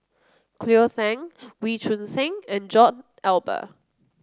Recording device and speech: close-talking microphone (WH30), read sentence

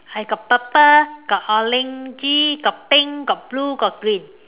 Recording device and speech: telephone, conversation in separate rooms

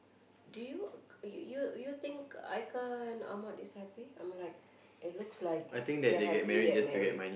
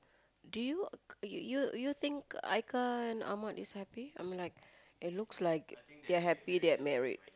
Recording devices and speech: boundary microphone, close-talking microphone, conversation in the same room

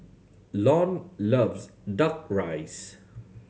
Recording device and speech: mobile phone (Samsung C7100), read sentence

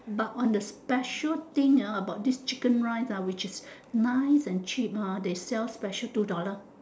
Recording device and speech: standing microphone, conversation in separate rooms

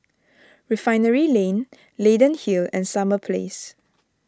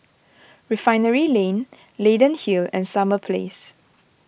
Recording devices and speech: standing microphone (AKG C214), boundary microphone (BM630), read sentence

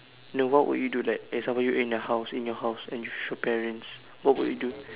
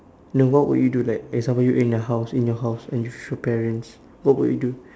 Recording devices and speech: telephone, standing microphone, conversation in separate rooms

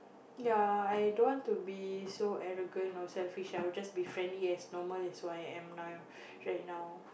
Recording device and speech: boundary microphone, conversation in the same room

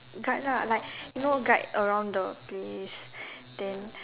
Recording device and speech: telephone, conversation in separate rooms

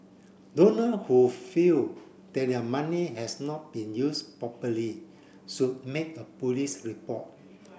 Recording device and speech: boundary microphone (BM630), read sentence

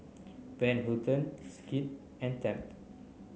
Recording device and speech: mobile phone (Samsung C9), read sentence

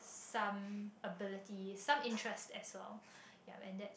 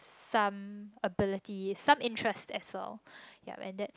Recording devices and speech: boundary microphone, close-talking microphone, conversation in the same room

